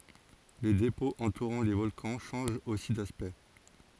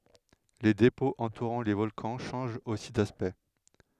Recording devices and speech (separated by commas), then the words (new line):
forehead accelerometer, headset microphone, read sentence
Les dépôts entourant les volcans changent aussi d'aspect.